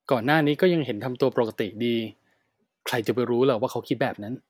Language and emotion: Thai, neutral